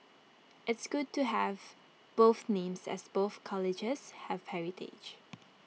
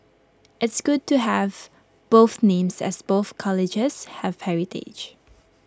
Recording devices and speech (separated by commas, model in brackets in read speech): mobile phone (iPhone 6), close-talking microphone (WH20), read sentence